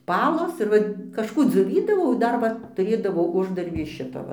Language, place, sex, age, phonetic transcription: Lithuanian, Dzūkija, female, 60+, ˈpalos ir ˈva kažˈkų dzioˈvydavau i ˈdar va tuˈrėdavau ˈuždarbį iš ˈšito ˈva

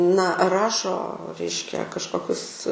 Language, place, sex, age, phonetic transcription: Lithuanian, Aukštaitija, female, 18-60, na ˈrašo ˈreiškia kažˈkokius

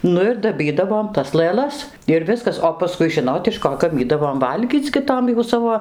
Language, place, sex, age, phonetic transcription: Lithuanian, Dzūkija, female, 60+, ˈnu ir daˈbydavom tas lɘˈlas ir ˈviskas o paˈskui ˈžinot iš ˈko gaˈmydavom ˈvalgyc gi ˈtom jau ˈsavo

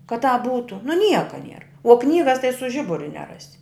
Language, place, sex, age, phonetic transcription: Lithuanian, Žemaitija, female, 60+, ka tāp ˈbūtu nu ˈnieko nier o ˈknygas tai su ˈžiburiu neˈrasi

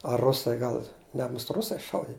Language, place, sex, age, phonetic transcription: Lithuanian, Žemaitija, male, 60+, a ˈrusai ˈgal ˈne must ˈrusai ˈšaudi

